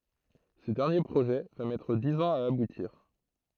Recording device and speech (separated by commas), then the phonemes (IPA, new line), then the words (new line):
throat microphone, read sentence
sə dɛʁnje pʁoʒɛ va mɛtʁ diz ɑ̃z a abutiʁ
Ce dernier projet va mettre dix ans à aboutir.